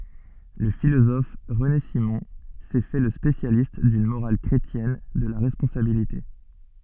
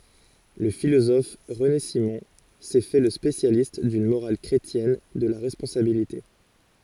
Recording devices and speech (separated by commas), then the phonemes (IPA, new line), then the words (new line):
soft in-ear microphone, forehead accelerometer, read sentence
lə filozɔf ʁəne simɔ̃ sɛ fɛ lə spesjalist dyn moʁal kʁetjɛn də la ʁɛspɔ̃sabilite
Le philosophe René Simon s'est fait le spécialiste d'une morale chrétienne de la responsabilité.